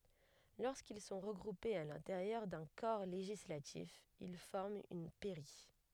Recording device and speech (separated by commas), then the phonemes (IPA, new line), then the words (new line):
headset microphone, read sentence
loʁskil sɔ̃ ʁəɡʁupez a lɛ̃teʁjœʁ dœ̃ kɔʁ leʒislatif il fɔʁmt yn pɛʁi
Lorsqu'ils sont regroupés à l'intérieur d'un corps législatif, ils forment une pairie.